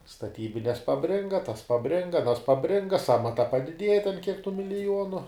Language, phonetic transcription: Lithuanian, staˈtybines paˈbringa tas paˈbringa aˈnas paˈbringa ˈsamata padiˈdieja ten kiek tų miliˈjuonu

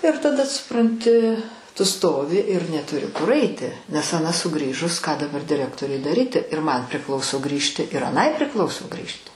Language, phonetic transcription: Lithuanian, ir taˈda supranˈti tu ˈstovi ir netuˈri kur aiˈti nes aˈna suˈgrįžus ką daˈbar diˈrektoriui daˈryti ir man priˈklauso ˈgrįžti ir aˈnai priˈklauso ˈgrįžti

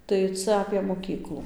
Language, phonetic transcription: Lithuanian, tai ˈca apė moˈkyklu

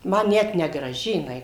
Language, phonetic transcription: Lithuanian, ˈma ˈnet negraˈži jiˈnai

